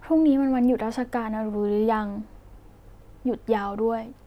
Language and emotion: Thai, neutral